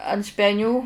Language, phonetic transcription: Lithuanian, ant speˈnių

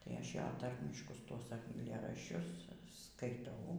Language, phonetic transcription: Lithuanian, ˈtai ˈaš ˈjo ˈtarmiškus tuos aiˈlėraščius skaiˈtau

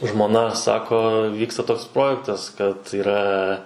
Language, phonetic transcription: Lithuanian, žmoˈna ˈsako ˈvyksta ˈtoks ˈprojektas kad yˈra

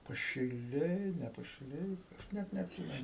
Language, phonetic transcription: Lithuanian, pašiˈliai ne pašiˈliai ˈnet neatˈsymenu

